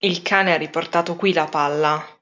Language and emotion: Italian, angry